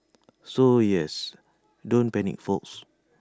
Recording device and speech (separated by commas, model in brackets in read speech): standing microphone (AKG C214), read sentence